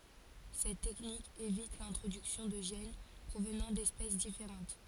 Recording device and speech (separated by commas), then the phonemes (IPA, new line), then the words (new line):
forehead accelerometer, read sentence
sɛt tɛknik evit lɛ̃tʁodyksjɔ̃ də ʒɛn pʁovnɑ̃ dɛspɛs difeʁɑ̃t
Cette technique évite l'introduction de gènes provenant d'espèces différentes.